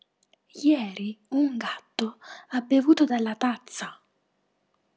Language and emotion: Italian, surprised